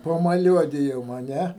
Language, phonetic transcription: Lithuanian, pamaˈliuodijom a ˈne

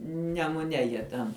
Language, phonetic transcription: Lithuanian, nemuˈne ˈjie ten

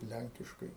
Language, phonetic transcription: Lithuanian, ˈlænkiškai

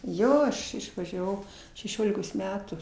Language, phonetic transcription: Lithuanian, ˈjo ˈaš išvažiaˈvau šeˈšiolikos ˈmetų

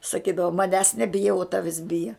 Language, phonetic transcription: Lithuanian, saˈkydavo maˈnęs neˈbija u ˈtavis ˈbija

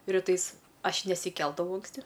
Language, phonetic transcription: Lithuanian, riˈtais ˈaš nesiˈkeldavau anksˈti

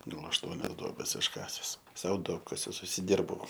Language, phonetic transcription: Lithuanian, ˈgal ašˈtuonias ˈduobes išˈkases ˈsau ˈduobkasius užsiˈdirbau

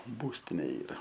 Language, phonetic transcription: Lithuanian, ˈbūstinė ˈyra

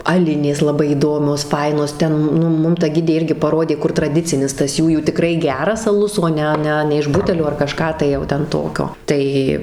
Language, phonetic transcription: Lithuanian, aˈlinės laˈbai įˈdomios ˈfainos ˈten nu ˈmum ta ˈgidė ˈirgi paˈrodė ˈkur traˈdicinis tas ˈjųjų tiˈkrai ˈgeras aˈlus o ˈne ˈne ne iš ˈbutelio ar kaˈžką tai jau ˈten ˈtokio ˈtai

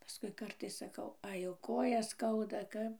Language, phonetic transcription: Lithuanian, paˈskui ˈkartais saˈkau ˈai ˈjau ˈkojas ˈskauda ˈkap

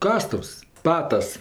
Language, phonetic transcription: Lithuanian, ˈkastuvs ˈpatas

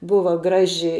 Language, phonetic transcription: Lithuanian, ˈbuva ˈgraži

